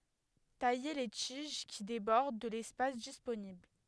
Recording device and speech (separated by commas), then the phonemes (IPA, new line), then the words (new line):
headset microphone, read sentence
taje le tiʒ ki debɔʁd də lɛspas disponibl
Tailler les tiges qui débordent de l'espace disponible.